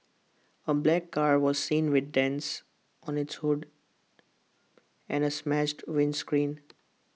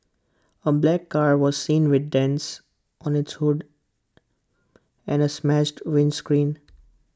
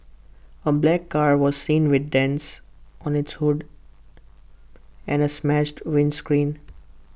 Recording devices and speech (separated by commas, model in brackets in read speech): mobile phone (iPhone 6), close-talking microphone (WH20), boundary microphone (BM630), read sentence